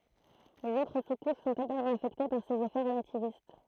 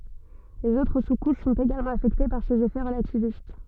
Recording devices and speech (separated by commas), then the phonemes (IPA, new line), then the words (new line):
throat microphone, soft in-ear microphone, read sentence
lez otʁ su kuʃ sɔ̃t eɡalmɑ̃ afɛkte paʁ sez efɛ ʁəlativist
Les autres sous-couches sont également affectées par ces effets relativistes.